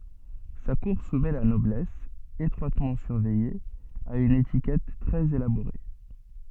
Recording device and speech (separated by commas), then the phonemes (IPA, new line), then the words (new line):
soft in-ear microphone, read sentence
sa kuʁ sumɛ la nɔblɛs etʁwatmɑ̃ syʁvɛje a yn etikɛt tʁɛz elaboʁe
Sa cour soumet la noblesse, étroitement surveillée, à une étiquette très élaborée.